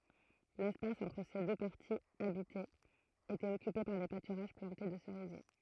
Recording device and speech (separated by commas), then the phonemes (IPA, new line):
throat microphone, read sentence
lɛspas ɑ̃tʁ se dø paʁtiz abitez etɛt ɔkype paʁ de patyʁaʒ plɑ̃te də səʁizje